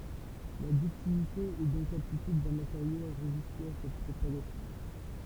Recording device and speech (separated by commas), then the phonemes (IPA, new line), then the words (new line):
temple vibration pickup, read sentence
la dyktilite ɛ dɔ̃k laptityd dœ̃ mateʁjo a ʁeziste a sɛt pʁopaɡasjɔ̃
La ductilité est donc l'aptitude d'un matériau à résister à cette propagation.